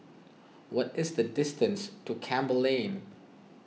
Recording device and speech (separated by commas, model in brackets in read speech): mobile phone (iPhone 6), read sentence